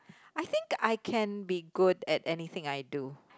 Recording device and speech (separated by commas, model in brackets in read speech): close-talking microphone, conversation in the same room